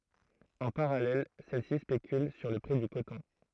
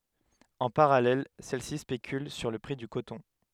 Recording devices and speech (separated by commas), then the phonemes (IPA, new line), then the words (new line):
throat microphone, headset microphone, read sentence
ɑ̃ paʁalɛl sɛl si spekyl syʁ lə pʁi dy kotɔ̃
En parallèle, celles-ci spéculent sur le prix du coton.